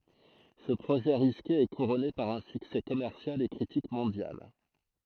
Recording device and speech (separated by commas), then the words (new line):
throat microphone, read sentence
Ce projet risqué est couronné par un succès commercial et critique mondial.